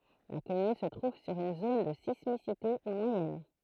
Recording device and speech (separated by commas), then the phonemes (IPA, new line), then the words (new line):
throat microphone, read sentence
la kɔmyn sə tʁuv syʁ yn zon də sismisite mwajɛn
La commune se trouve sur une zone de sismicité moyenne.